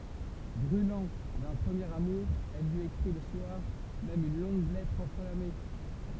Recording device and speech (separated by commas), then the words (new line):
temple vibration pickup, read sentence
Brûlant d'un premier amour, elle lui écrit le soir même une longue lettre enflammée.